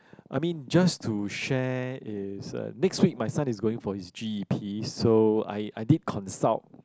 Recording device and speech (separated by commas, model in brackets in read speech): close-talking microphone, conversation in the same room